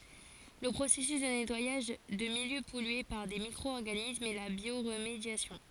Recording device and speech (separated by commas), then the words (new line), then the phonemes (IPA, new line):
forehead accelerometer, read sentence
Le processus de nettoyage de milieux pollués par des micro-organismes est la bioremédiation.
lə pʁosɛsys də nɛtwajaʒ də miljø pɔlye paʁ de mikʁo ɔʁɡanismz ɛ la bjoʁmedjasjɔ̃